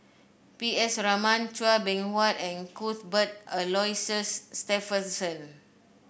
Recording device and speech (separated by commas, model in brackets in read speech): boundary microphone (BM630), read sentence